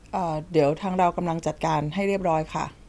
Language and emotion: Thai, neutral